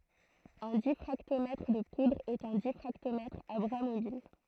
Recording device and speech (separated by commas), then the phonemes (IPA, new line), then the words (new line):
throat microphone, read sentence
œ̃ difʁaktomɛtʁ də pudʁz ɛt œ̃ difʁaktomɛtʁ a bʁa mobil
Un diffractomètre de poudres est un diffractomètre à bras mobiles.